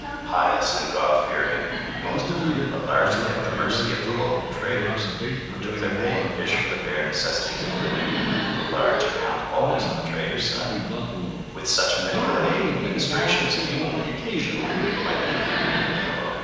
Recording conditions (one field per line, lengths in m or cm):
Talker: one person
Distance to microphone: 7.1 m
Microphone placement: far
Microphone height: 1.7 m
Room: very reverberant, large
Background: television